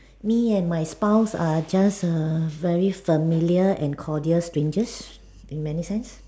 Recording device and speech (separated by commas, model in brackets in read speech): standing microphone, conversation in separate rooms